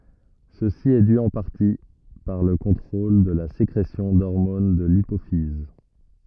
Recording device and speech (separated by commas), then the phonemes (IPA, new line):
rigid in-ear microphone, read sentence
səsi ɛ dy ɑ̃ paʁti paʁ lə kɔ̃tʁol də la sekʁesjɔ̃ dɔʁmon də lipofiz